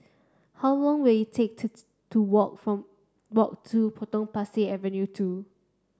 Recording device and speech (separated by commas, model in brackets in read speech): standing microphone (AKG C214), read sentence